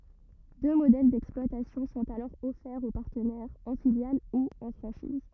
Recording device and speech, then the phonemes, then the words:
rigid in-ear microphone, read sentence
dø modɛl dɛksplwatasjɔ̃ sɔ̃t alɔʁ ɔfɛʁz o paʁtənɛʁz ɑ̃ filjal u ɑ̃ fʁɑ̃ʃiz
Deux modèles d'exploitation sont alors offerts aux partenaires, en filiale ou en franchise.

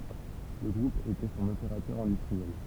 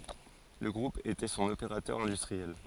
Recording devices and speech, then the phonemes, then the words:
temple vibration pickup, forehead accelerometer, read sentence
lə ɡʁup etɛ sɔ̃n opeʁatœʁ ɛ̃dystʁiɛl
Le groupe était son opérateur industriel.

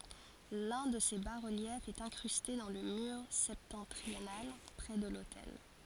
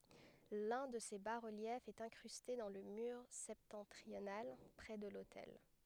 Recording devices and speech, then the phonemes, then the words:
forehead accelerometer, headset microphone, read sentence
lœ̃ də se ba ʁəljɛfz ɛt ɛ̃kʁyste dɑ̃ lə myʁ sɛptɑ̃tʁional pʁɛ də lotɛl
L’un de ces bas-reliefs est incrusté dans le mur septentrional, près de l’autel.

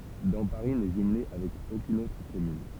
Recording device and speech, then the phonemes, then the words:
temple vibration pickup, read sentence
dɑ̃paʁi nɛ ʒymle avɛk okyn otʁ kɔmyn
Damparis n'est jumelée avec aucune autre commune.

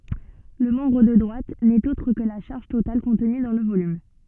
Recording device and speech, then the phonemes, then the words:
soft in-ear microphone, read sentence
lə mɑ̃bʁ də dʁwat nɛt otʁ kə la ʃaʁʒ total kɔ̃tny dɑ̃ lə volym
Le membre de droite n’est autre que la charge totale contenue dans le volume.

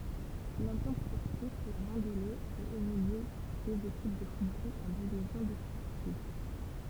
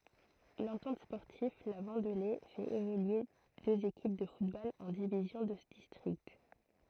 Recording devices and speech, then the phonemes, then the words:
temple vibration pickup, throat microphone, read sentence
lɑ̃tɑ̃t spɔʁtiv la vɑ̃dle fɛt evolye døz ekip də futbol ɑ̃ divizjɔ̃ də distʁikt
L'Entente sportive La Vendelée fait évoluer deux équipes de football en divisions de district.

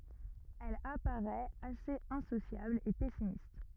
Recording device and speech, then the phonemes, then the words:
rigid in-ear microphone, read sentence
ɛl apaʁɛt asez ɛ̃sosjabl e pɛsimist
Elle apparaît assez insociable et pessimiste.

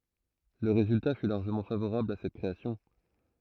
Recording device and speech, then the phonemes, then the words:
throat microphone, read sentence
lə ʁezylta fy laʁʒəmɑ̃ favoʁabl a sɛt kʁeasjɔ̃
Le résultat fut largement favorable à cette création.

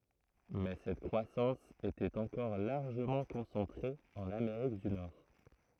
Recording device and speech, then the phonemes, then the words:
throat microphone, read sentence
mɛ sɛt kʁwasɑ̃s etɛt ɑ̃kɔʁ laʁʒəmɑ̃ kɔ̃sɑ̃tʁe ɑ̃n ameʁik dy nɔʁ
Mais cette croissance était encore largement concentrée en Amérique du Nord.

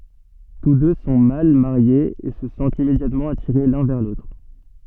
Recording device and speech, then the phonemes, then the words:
soft in-ear microphone, read sentence
tus dø sɔ̃ mal maʁjez e sə sɑ̃tt immedjatmɑ̃ atiʁe lœ̃ vɛʁ lotʁ
Tous deux sont mal mariés et se sentent immédiatement attirés l’un vers l’autre.

